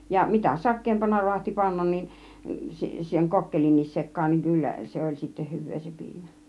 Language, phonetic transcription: Finnish, ja 'mitä "sak̆keempana ru̬ahti 'pannan nin , 'seŋ "kokkelinnis 'sek̆kaan niŋ 'kyllä , 'se oĺ sittä 'hyv̆vee se 'piimÄ .
- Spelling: ja mitä sakeampana raatsi panna niin sen kokkelinkin sekaan niin kyllä se oli sitten hyvää se piimä

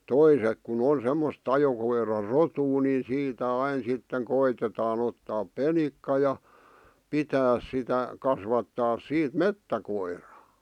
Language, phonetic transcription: Finnish, toisek ku'n ‿on̬ semmos' ‿ajokoira"rotuu ni 'siitä 'ain 'sitteŋ 'koitetaan ‿ottaap "penikka ja , 'pitääs sitä , kasvattaas 'siit "mettäkoirᴀᴀ .
- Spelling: toiset kun on semmoista ajokoirarotua niin siitä aina sitten koetetaan ottaa penikka ja pitää sitä kasvattaa siitä metsäkoira

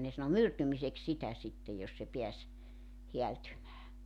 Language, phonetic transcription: Finnish, ne sano "myrtymisek 'sitä 'sittej jos se 'piäs , 'heältymää .
- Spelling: ne sanoi myrtymiseksi sitä sitten jos se pääsi häältymään

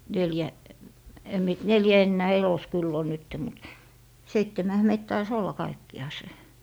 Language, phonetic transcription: Finnish, 'neljä , em mie t- , "neljä ennää "elos 'kyll ‿on 'nytte mut , 'seittemähä meit tai"s ‿olla 'kaikki₍àse .
- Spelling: neljä en minä - neljä enää elossa kyllä on nyt mutta seitsemänhän meitä taisi olla kaikkiaan

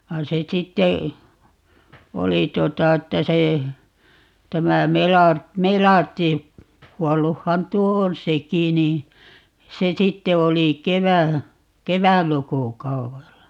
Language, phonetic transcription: Finnish, 'vain̬ se 'sitte , 'oli 'tuota 'että 'se , 'tämä "Melart- , "Melartti , 'kuɔlluhhan "tuo on "seki ni , 'se 'sitte 'oli "kevä- , "kevätlukukauwella .
- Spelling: vaan se sitten oli tuota että se tämä - Melartin kuolluthan tuo on sekin niin se sitten oli - kevätlukukaudella

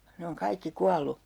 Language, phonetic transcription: Finnish, ne oŋ 'kaikki 'kual̆lu .
- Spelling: ne on kaikki kuollut

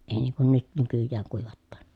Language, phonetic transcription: Finnish, èi niiŋ kun nyt , nykyjjääŋ kuivattaan .
- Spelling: ei niin kuin nyt nykyään kuivataan

